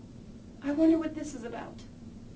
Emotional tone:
fearful